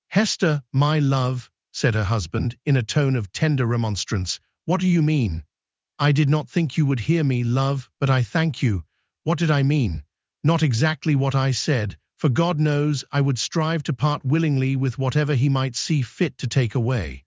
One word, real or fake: fake